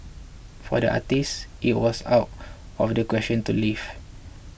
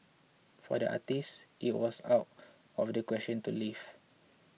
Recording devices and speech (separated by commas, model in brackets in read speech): boundary microphone (BM630), mobile phone (iPhone 6), read sentence